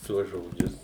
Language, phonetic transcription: Lithuanian, ˈtuos žoˈdžius

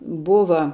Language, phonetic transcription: Lithuanian, ˈbuva

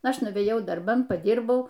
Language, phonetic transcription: Lithuanian, ˈaš nuvėˈjau darˈban paˈdyrbau

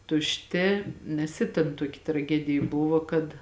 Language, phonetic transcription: Lithuanian, tušˈti nes ˈi tėn ˈtuoki traˈgedijė ˈbuvo kad

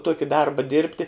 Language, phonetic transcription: Lithuanian, ˈtuoki ˈdarba ˈdirbti

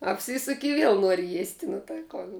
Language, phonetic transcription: Lithuanian, apˈsysuki i ˈviel ˈnuori jiest' nu tai ˈkon

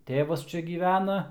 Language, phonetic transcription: Lithuanian, ˈtėvas ˈčia ˈgyvæna

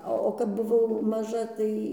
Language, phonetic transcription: Lithuanian, ˈa o kap buˈvau maˈža ˈtai

